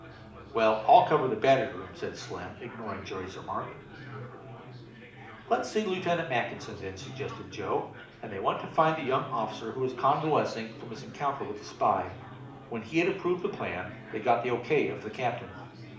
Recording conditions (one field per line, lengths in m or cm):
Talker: one person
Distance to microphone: 2.0 m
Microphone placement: close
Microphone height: 99 cm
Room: medium-sized (5.7 m by 4.0 m)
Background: babble